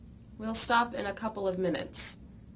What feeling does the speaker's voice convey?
neutral